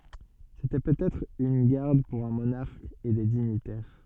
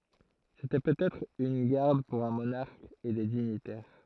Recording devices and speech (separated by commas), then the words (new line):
soft in-ear microphone, throat microphone, read sentence
C'était peut-être une garde pour un monarque et des dignitaires.